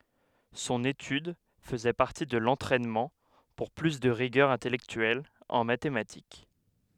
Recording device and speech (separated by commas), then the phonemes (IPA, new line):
headset microphone, read sentence
sɔ̃n etyd fəzɛ paʁti də lɑ̃tʁɛnmɑ̃ puʁ ply də ʁiɡœʁ ɛ̃tɛlɛktyɛl ɑ̃ matematik